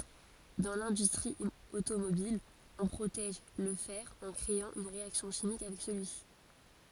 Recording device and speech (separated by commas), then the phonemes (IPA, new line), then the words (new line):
forehead accelerometer, read sentence
dɑ̃ lɛ̃dystʁi otomobil ɔ̃ pʁotɛʒ lə fɛʁ ɑ̃ kʁeɑ̃ yn ʁeaksjɔ̃ ʃimik avɛk səlyisi
Dans l'industrie automobile, on protège le fer en créant une réaction chimique avec celui-ci.